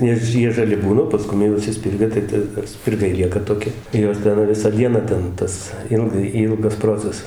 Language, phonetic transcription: Lithuanian, ˈnes ˈjie žaˈli ˈbūna o paˈskum jau išsiˈspirga tai ˈta spirˈgai ˈlieka toˈki ˈjos ˈten ˈvisą ˈdieną ˈten ˈtas ˈilgai ˈylgas ˈprocesas

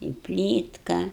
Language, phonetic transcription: Lithuanian, i ˈplytka

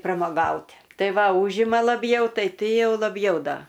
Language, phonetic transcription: Lithuanian, pramoˈgaut' ˈtai ˈva ˈūžima laˈbjau ˈtai ˈti ˈjau laˈbjau ˈda

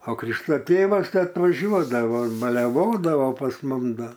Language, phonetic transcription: Lithuanian, o ˈkrišto ˈtėvas ˈtai atvaˈžiuodavo baleˈvodavo pas ˈmum ˈda

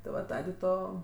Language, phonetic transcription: Lithuanian, ti ˈva ˈtadė ˈto

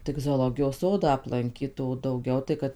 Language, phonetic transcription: Lithuanian, tik zoˈlogijos ˈsodą aplanˈkyt o dauˈgiau tai ˈkad

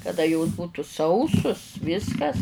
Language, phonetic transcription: Lithuanian, kaˈda jos būtu ˈsausus ˈviskas

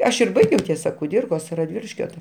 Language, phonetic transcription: Lithuanian, ˈaš ir ˈbaigiau ˈtiesa kuˈdyrkos raˈdviliškio ta

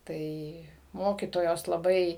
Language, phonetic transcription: Lithuanian, ˈtai ˈmokytojos laˈbai

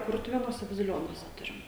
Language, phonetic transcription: Lithuanian, ˈkurtuvėnuose baziˈlionuose ˈturim

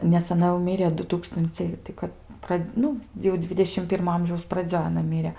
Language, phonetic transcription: Lithuanian, nes aˈna jau ˈmirė ˈdu ˈtūkstunciai tai ˈkad ˈpradz ˈnu jau ˈdvidešim ˈpirmo ˈamžiaus praˈdzioj aˈna ˈmyre

